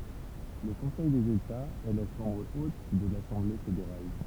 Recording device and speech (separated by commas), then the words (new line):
temple vibration pickup, read sentence
Le Conseil des États, est la chambre haute de l'Assemblée fédérale.